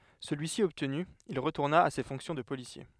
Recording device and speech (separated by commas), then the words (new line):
headset microphone, read sentence
Celui-ci obtenu, il retourna à ses fonctions de policier.